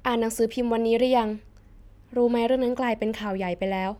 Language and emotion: Thai, neutral